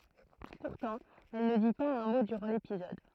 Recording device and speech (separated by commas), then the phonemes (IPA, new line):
throat microphone, read sentence
puʁtɑ̃ ɛl nə di paz œ̃ mo dyʁɑ̃ lepizɔd